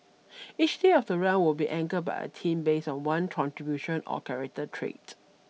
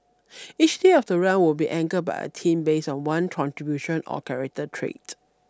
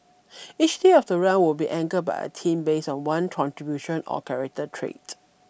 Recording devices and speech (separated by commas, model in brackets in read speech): mobile phone (iPhone 6), standing microphone (AKG C214), boundary microphone (BM630), read sentence